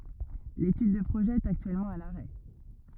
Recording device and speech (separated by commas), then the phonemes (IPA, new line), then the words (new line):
rigid in-ear microphone, read sentence
letyd də pʁoʒɛ ɛt aktyɛlmɑ̃ a laʁɛ
L'étude de projet est actuellement à l'arrêt.